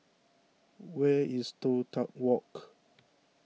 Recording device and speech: mobile phone (iPhone 6), read sentence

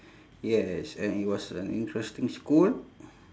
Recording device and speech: standing microphone, conversation in separate rooms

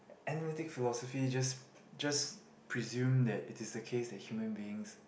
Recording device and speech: boundary microphone, conversation in the same room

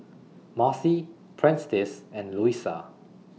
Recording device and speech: mobile phone (iPhone 6), read sentence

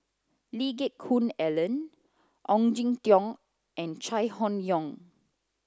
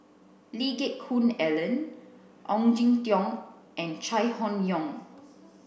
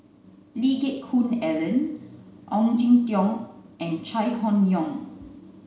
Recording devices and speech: close-talking microphone (WH30), boundary microphone (BM630), mobile phone (Samsung C9), read sentence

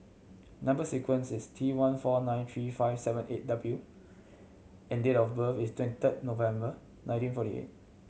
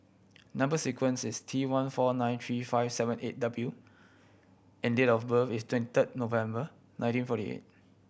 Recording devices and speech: mobile phone (Samsung C7100), boundary microphone (BM630), read sentence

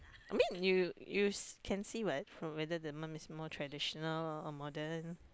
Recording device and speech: close-talking microphone, conversation in the same room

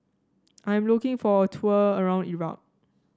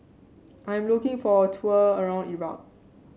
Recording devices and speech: standing microphone (AKG C214), mobile phone (Samsung C7), read sentence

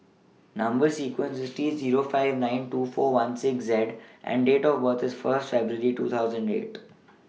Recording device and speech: mobile phone (iPhone 6), read sentence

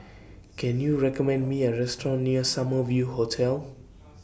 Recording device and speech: boundary microphone (BM630), read sentence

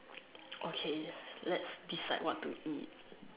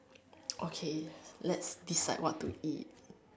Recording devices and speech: telephone, standing microphone, conversation in separate rooms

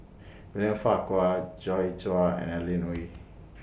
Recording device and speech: boundary microphone (BM630), read sentence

